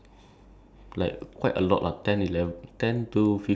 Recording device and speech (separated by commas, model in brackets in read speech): standing microphone, conversation in separate rooms